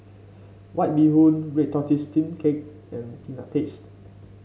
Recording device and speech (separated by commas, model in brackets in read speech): mobile phone (Samsung C5), read sentence